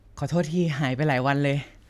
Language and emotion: Thai, sad